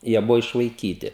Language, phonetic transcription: Lithuanian, ˈjie ˈbuvo išvaiˈkyti

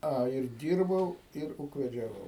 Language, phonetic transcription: Lithuanian, ˈa ir ˈdyrbau ir ūkvedžiaˈvau

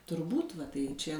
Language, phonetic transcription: Lithuanian, turˈbūt ˈva ˈtai ˈčia

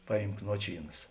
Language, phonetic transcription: Lithuanian, ˈpaˌjymk ˈnuočyˌnas

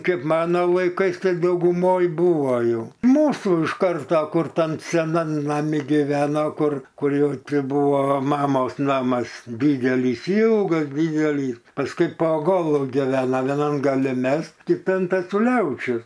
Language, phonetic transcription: Lithuanian, ˈkaip ˈmano laiˈkais ˈtai dauguˈmoj ˈbūvo ˈjau ˈmūsų iš ˈkarto ˈkur ˈtam seˈnam naˈmi giˈveno ˈkur ˈkur ˈjau ˈti ˈbuvo ˈmamos ˈnamas ˈ dydelys ˈylgas ˈdydelys pasˈkui po ˈgolu giˈvena vieˈnam gaˈli ˈmes kiˈtan tetuˈliaučius

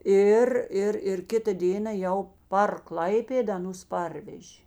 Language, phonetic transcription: Lithuanian, ˈir ˈir ir ˈkita ˈdėna ˈjau par ˈklaipėda aˈnus ˈparvežė

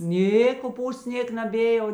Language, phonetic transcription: Lithuanian, ˈnė koˈpūsts ˈnėk naˈbė jau

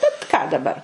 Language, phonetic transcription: Lithuanian, bet ką daˈbar

